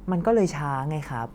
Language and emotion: Thai, frustrated